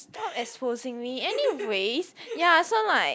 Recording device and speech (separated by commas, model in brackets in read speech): close-talking microphone, conversation in the same room